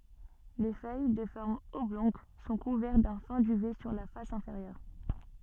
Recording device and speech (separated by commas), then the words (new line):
soft in-ear microphone, read sentence
Les feuilles de forme oblongue sont couvertes d'un fin duvet sur la face inférieure.